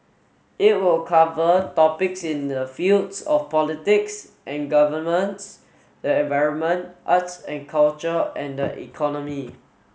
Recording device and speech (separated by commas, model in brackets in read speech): mobile phone (Samsung S8), read sentence